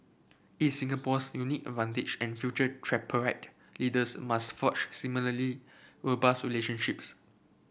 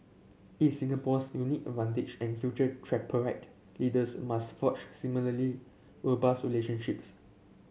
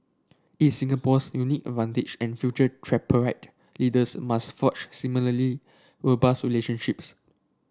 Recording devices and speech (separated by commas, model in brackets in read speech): boundary microphone (BM630), mobile phone (Samsung C7), standing microphone (AKG C214), read sentence